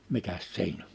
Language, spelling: Finnish, mikäs siinä on
- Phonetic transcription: mikäs "siin ‿o .

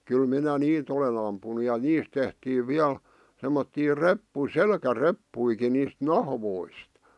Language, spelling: Finnish, kyllä minä niitä olen ampunut ja niistä tehtiin vielä semmoisia - selkäreppujakin niistä nahoista
- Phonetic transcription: 'kyl 'minä "niit ‿olen ‿ampunu ja "niist tehtiiv 'viäl , semmottii 'reppu- , "selkä'reppuiki niist "nahvoist .

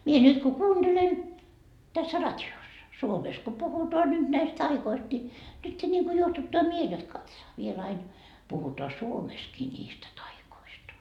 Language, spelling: Finnish, minä nyt kun kuuntelen tässä radiossa Suomessa kun puhutaan nyt näistä taioista niin nyt niin kuin juohduttaa mieli jotta katsohan vielä aina puhutaan Suomessakin niistä taioista
- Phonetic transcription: mie 'nyt ku "kuunDelen , tässä "rat́i₍ossa , 'Suomes ko 'puhutoa nyt näist 'taikoist ni , nytte ńiŋku 'juohtuttaa miel ‿ot 'katsaa , viel 'ain , puhutoa 'Suomeskii ńiistä 'taikoista .

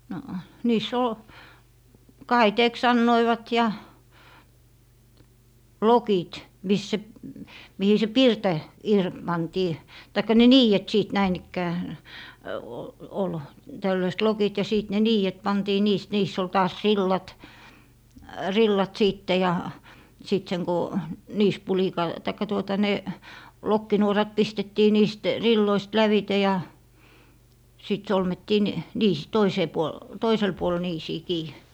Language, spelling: Finnish, no niissä oli kaiteeksi sanoivat ja lokit missä se mihin se pirta - pantiin tai ne niidet sitten näin ikään - oli tällaiset lokit ja sitten ne niidet pantiin niistä niissä oli taas rillat rillat sitten ja sitten sen kun niisipulikalla tai tuota ne lokkinuorat pistettiin niistä rilloista lävitse ja sitten solmittiin - - toiseen puolen toiselle puolelle niisiin kiinni
- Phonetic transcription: no , niis's ‿ol , "kaiteeks 'sannoivat ja , "lokit , 'mis se , mihi se "pirtɔ , ir - 'pantii , taikka 'ne "niijet 'sìt 'näin ‿ikkää , o - ol , 'tällöist "lokit ja 'sìt ne "niijet 'pantii 'niist , 'niiss ‿ol taas "rillat , "rillat 'sìtte ja , 'sìt seŋ ko , "niis'pulikal- , taikka tuota 'ne , 'lokkinuorat 'pistettii 'niist , "rilloist 'lävite ja , 'sìt "solmettii n- , 'niis- , 'toisee puol , 'toisel puol 'niisii 'kii .

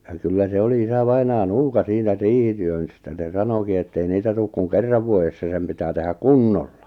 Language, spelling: Finnish, ja kyllä se oli isävainaja nuuka siinä - riihityöstä se sanoikin että ei niitä tule kuin kerran vuodessa sen pitää tehdä kunnolla
- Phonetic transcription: ja kyllä se 'oli 'isavainaa "nuuka 'siinä 'riihityön- -stä se 'sanoki ettei 'niitä tuuk kuŋ "kerrav vuojessa 'sem pitää 'tehä "kunnolla .

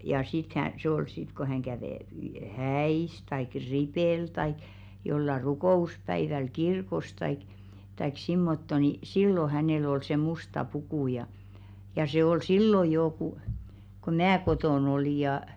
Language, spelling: Finnish, ja sitten - - se oli sitten kun hän kävi häissä tai ripillä tai jollakin rukouspäivällä kirkossa tai tai semmottoon niin silloin hänellä oli se musta puku ja ja se oli silloin jo kun kun minä kotona olin ja
- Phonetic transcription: ja sit k- hä- , se ol 'sit ko häŋ 'kävè , "häis taik "ripèl taik , jolla 'rukò₍uspäiväl 'kirkos taik , taik 'simmotto ni "sillo 'hänèl ‿ol se "musta 'pukù ja , ja 'se ol "sillo joo ku , ko "mää 'kotòn ‿olì jà .

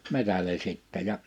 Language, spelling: Finnish, metsälle sitten ja
- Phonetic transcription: 'metäle 'sìttɛ ja ,.

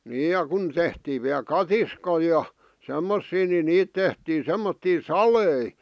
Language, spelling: Finnish, niin ja kun tehtiin vielä katiskoja ja semmoisia niin niitä tehtiin semmoisia saleja
- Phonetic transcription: 'niij ja kun 'tehtiiv viäl "katiskoi ja , 'semmossii ni 'niit tehtii 'semmottii "salei .

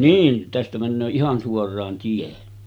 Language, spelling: Finnish, niin tästä menee ihan suoraan tie
- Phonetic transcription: 'niin , tästä männöö "ihan 'suor̀aan tie .

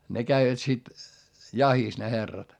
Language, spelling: Finnish, ne kävivät sitten jahdissa ne herrat
- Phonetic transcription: ne käivät sit , jahis ne herrat .

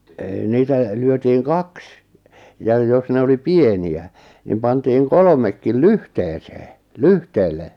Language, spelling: Finnish, ei niitä lyötiin kaksi ja jos ne oli pieniä niin pantiin kolmekin lyhteeseen lyhteelle
- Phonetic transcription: (e) niitä , lyötiiŋ "kaks , jaj 'jos ne oli "pieni₍ä , nim pantiiŋ 'kolᵒmekkil "lyhteesee , "lyhteelle .

